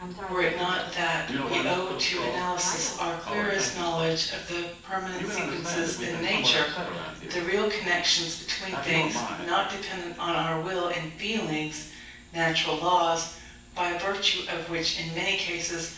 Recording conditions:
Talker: one person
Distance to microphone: 9.8 m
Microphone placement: far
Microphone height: 1.8 m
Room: large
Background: television

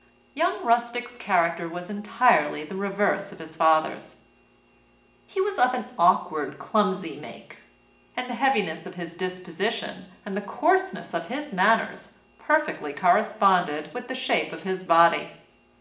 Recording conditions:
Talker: one person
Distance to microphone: 1.8 m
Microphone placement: close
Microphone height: 1.0 m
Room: large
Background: none

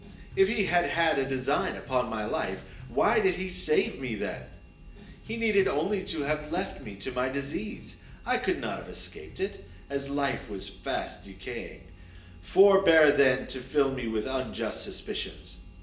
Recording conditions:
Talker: one person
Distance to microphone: 1.8 m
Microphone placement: close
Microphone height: 1.0 m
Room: large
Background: music

